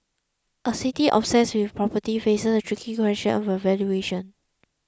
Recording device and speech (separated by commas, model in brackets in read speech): close-talking microphone (WH20), read sentence